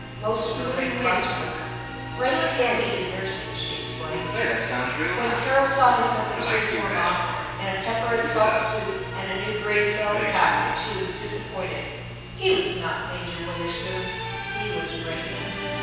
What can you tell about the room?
A large, very reverberant room.